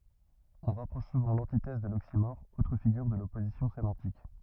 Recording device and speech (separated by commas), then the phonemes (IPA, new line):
rigid in-ear microphone, read sentence
ɔ̃ ʁapʁɔʃ suvɑ̃ lɑ̃titɛz də loksimɔʁ otʁ fiɡyʁ də lɔpozisjɔ̃ semɑ̃tik